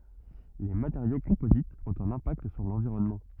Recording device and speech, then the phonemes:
rigid in-ear microphone, read sentence
le mateʁjo kɔ̃pozitz ɔ̃t œ̃n ɛ̃pakt syʁ lɑ̃viʁɔnmɑ̃

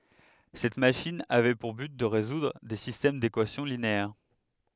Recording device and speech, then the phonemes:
headset microphone, read sentence
sɛt maʃin avɛ puʁ byt də ʁezudʁ de sistɛm dekwasjɔ̃ lineɛʁ

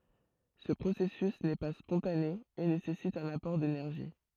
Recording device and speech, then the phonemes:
throat microphone, read sentence
sə pʁosɛsys nɛ pa spɔ̃tane e nesɛsit œ̃n apɔʁ denɛʁʒi

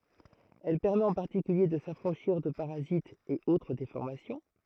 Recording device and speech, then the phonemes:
throat microphone, read sentence
ɛl pɛʁmɛt ɑ̃ paʁtikylje də safʁɑ̃ʃiʁ də paʁazitz e otʁ defɔʁmasjɔ̃

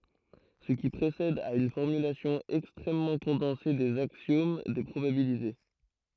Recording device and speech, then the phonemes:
throat microphone, read sentence
sə ki pʁesɛd ɛt yn fɔʁmylasjɔ̃ ɛkstʁɛmmɑ̃ kɔ̃dɑ̃se dez aksjom de pʁobabilite

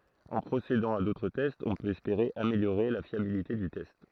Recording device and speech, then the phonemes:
throat microphone, read sentence
ɑ̃ pʁosedɑ̃ a dotʁ tɛstz ɔ̃ pøt ɛspeʁe ameljoʁe la fjabilite dy tɛst

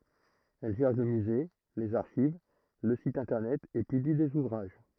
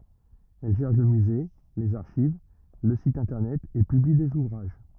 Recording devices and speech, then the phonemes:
throat microphone, rigid in-ear microphone, read sentence
ɛl ʒɛʁ lə myze lez aʁʃiv lə sit ɛ̃tɛʁnɛt e pybli dez uvʁaʒ

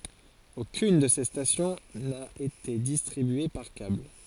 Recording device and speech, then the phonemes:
forehead accelerometer, read sentence
okyn də se stasjɔ̃ na ete distʁibye paʁ kabl

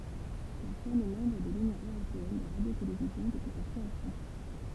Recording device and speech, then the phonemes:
temple vibration pickup, read sentence
la ʃɛn ɛ mɑ̃bʁ də lynjɔ̃ øʁopeɛn də ʁadjotelevizjɔ̃ dəpyi sa kʁeasjɔ̃

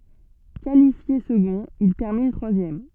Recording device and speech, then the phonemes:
soft in-ear microphone, read sentence
kalifje səɡɔ̃t il tɛʁmin tʁwazjɛm

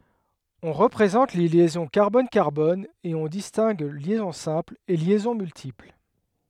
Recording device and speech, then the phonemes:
headset microphone, read sentence
ɔ̃ ʁəpʁezɑ̃t le ljɛzɔ̃ kaʁbɔn kaʁbɔn e ɔ̃ distɛ̃ɡ ljɛzɔ̃ sɛ̃pl e ljɛzɔ̃ myltipl

